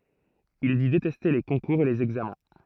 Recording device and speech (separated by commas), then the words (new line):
throat microphone, read sentence
Il dit détester les concours et les examens.